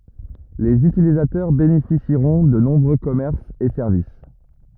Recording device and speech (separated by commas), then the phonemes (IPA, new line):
rigid in-ear microphone, read sentence
lez ytilizatœʁ benefisiʁɔ̃ də nɔ̃bʁø kɔmɛʁsz e sɛʁvis